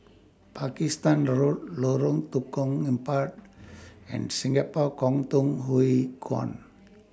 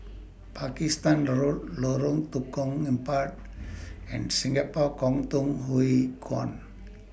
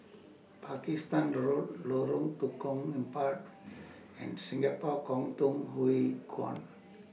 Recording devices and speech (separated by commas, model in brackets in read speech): standing microphone (AKG C214), boundary microphone (BM630), mobile phone (iPhone 6), read sentence